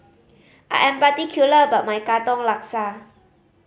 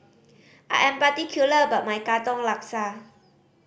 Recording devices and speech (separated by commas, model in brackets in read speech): mobile phone (Samsung C5010), boundary microphone (BM630), read sentence